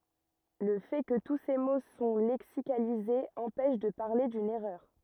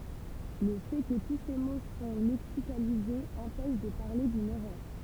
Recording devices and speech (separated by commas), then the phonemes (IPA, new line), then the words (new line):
rigid in-ear microphone, temple vibration pickup, read sentence
lə fɛ kə tu se mo sɔ̃ lɛksikalizez ɑ̃pɛʃ də paʁle dyn ɛʁœʁ
Le fait que tous ces mots sont lexicalisés empêche de parler d'une erreur.